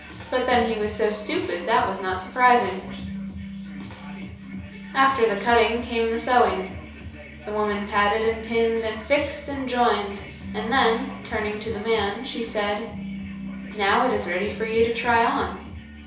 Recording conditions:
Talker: one person; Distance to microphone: 3.0 m; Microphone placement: far; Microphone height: 1.8 m; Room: small (3.7 m by 2.7 m); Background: music

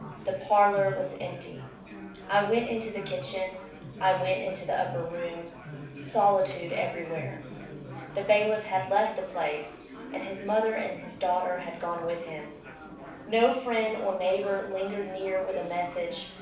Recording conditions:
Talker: one person; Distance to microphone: 5.8 m; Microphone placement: far; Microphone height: 1.8 m; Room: medium-sized (5.7 m by 4.0 m); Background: babble

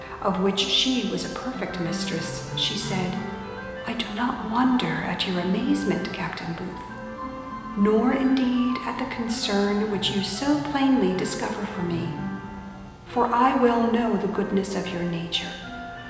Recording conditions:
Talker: one person; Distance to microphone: 1.7 m; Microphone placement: close; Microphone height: 1.0 m; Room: very reverberant, large; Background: music

